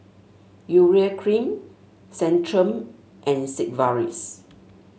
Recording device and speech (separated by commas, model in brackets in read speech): mobile phone (Samsung S8), read sentence